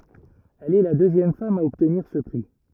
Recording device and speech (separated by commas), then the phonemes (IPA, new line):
rigid in-ear microphone, read sentence
ɛl ɛ la døzjɛm fam a ɔbtniʁ sə pʁi